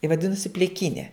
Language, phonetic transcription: Lithuanian, i vaˈdinusi pliˈkyne

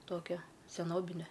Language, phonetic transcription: Lithuanian, ˈtokia seˈnobine

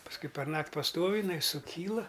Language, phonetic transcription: Lithuanian, pasˈkui perˈnakt' paˈstov' iˈnai suˈkyla

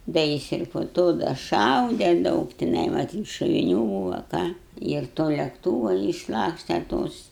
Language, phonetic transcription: Lithuanian, ˈda jis ir po ˈto da ˈšaude ˈdaug tiˈnai maˈtyt šoviˈniu ˈbūva ˈką ir ˈto lekˈtūva išˈlakstė ˈtos

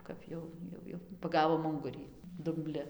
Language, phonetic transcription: Lithuanian, ˈkap jau ˈjau jau paˈgavom ˈungurį dumˈbli

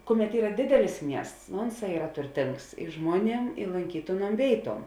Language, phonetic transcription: Lithuanian, ˈkuˌmet ˈyra ˈdidelis ˈmiests nu ˈunˌsā ˈyra turˈtings i ˈžmuoˌniem i lonˈkytėˌnuom ˈvėiˌtuom

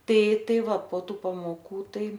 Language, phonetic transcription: Lithuanian, ˈtai ˈtai ˈva po ˈtų pamoˈkų ˈtai

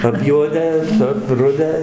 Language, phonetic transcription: Lithuanian, apˈjuodę apˈrudę

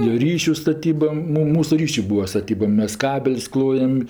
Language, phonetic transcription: Lithuanian, jo ˈryšiu staˈtyba ˈmu ˈmūsu ˈryšiu ˈbūa staˈtyba ˈmes ˈkabel's' ˈklojam

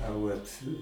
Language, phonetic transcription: Lithuanian, a ˈvat'

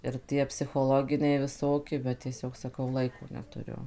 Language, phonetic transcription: Lithuanian, ir ˈtie psichoˈloginiai viˈsoki bet tieˈsiog saˈkau ˈlaiko netuˈriu

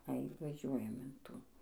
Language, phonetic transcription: Lithuanian, ai vaˈžiuojam in ˈtų

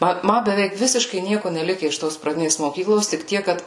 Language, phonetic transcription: Lithuanian, ˈma ˈma beˈveik ˈvisiškai ˈnieku neˈlike iš ˈtos praˈdinės moˈkyklos tik ˈtiek kad

